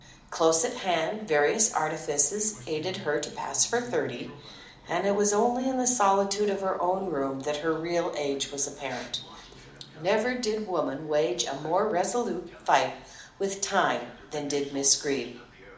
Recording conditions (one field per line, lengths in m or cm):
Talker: one person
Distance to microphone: 2.0 m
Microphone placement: close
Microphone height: 99 cm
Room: medium-sized (5.7 m by 4.0 m)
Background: television